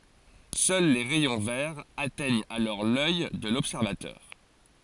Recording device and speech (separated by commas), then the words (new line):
forehead accelerometer, read sentence
Seuls les rayons verts atteignent alors l'œil de l'observateur.